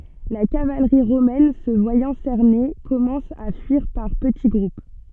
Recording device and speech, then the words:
soft in-ear microphone, read sentence
La cavalerie romaine, se voyant cernée, commence à fuir par petits groupes.

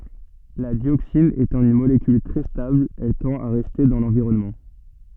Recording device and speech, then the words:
soft in-ear microphone, read sentence
La dioxine étant une molécule très stable, elle tend à rester dans l'environnement.

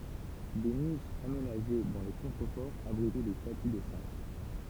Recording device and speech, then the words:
temple vibration pickup, read sentence
Des niches aménagées dans les contreforts abritaient des statues de saints.

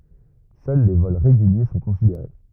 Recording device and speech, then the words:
rigid in-ear microphone, read sentence
Seuls les vols réguliers sont considérés.

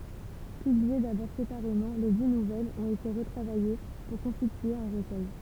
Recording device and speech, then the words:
temple vibration pickup, read sentence
Publiées d'abord séparément, les dix nouvelles ont été retravaillées pour constituer un recueil.

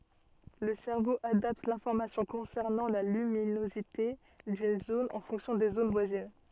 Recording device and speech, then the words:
soft in-ear microphone, read sentence
Le cerveau adapte l'information concernant la luminosité d'une zone en fonction des zones voisines.

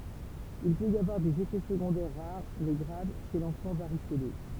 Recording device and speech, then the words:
temple vibration pickup, read sentence
Il peut y avoir des effets secondaires rares mais graves chez l'enfant varicelleux.

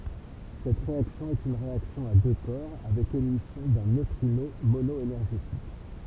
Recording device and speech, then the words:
temple vibration pickup, read sentence
Cette réaction est une réaction à deux corps avec émission d'un neutrino mono-énergétique.

